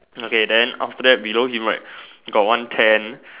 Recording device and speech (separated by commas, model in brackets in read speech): telephone, conversation in separate rooms